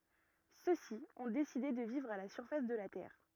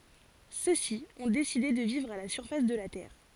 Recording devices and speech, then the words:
rigid in-ear microphone, forehead accelerometer, read sentence
Ceux-ci ont décidé de vivre à la surface de la Terre.

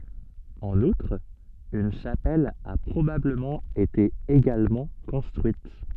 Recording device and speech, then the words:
soft in-ear microphone, read sentence
En outre, une chapelle a probablement été également construite.

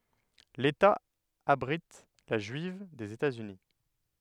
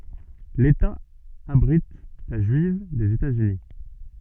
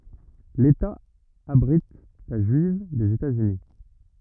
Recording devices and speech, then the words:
headset microphone, soft in-ear microphone, rigid in-ear microphone, read sentence
L'État abrite la juive des États-Unis.

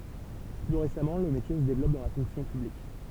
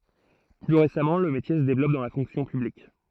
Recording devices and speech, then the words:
temple vibration pickup, throat microphone, read sentence
Plus récemment, le métier se développe dans la fonction publique.

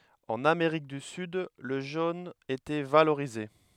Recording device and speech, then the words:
headset microphone, read sentence
En Amérique du Sud, le jaune était valorisé.

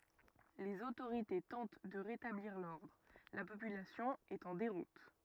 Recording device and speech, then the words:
rigid in-ear microphone, read sentence
Les autorités tentent de rétablir l'ordre, la population est en déroute.

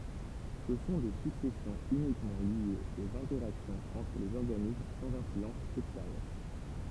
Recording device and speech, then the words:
temple vibration pickup, read sentence
Ce sont des successions uniquement liées aux interactions entre les organismes sans influence extérieure.

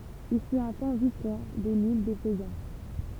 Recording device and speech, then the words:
temple vibration pickup, read sentence
Il fut un temps vice-roi de l'Île des Faisans.

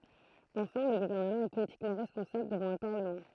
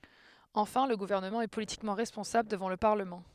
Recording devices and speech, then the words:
throat microphone, headset microphone, read sentence
Enfin, le gouvernement est politiquement responsable devant le Parlement.

